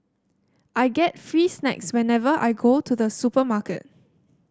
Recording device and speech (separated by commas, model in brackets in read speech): standing microphone (AKG C214), read sentence